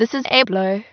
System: TTS, waveform concatenation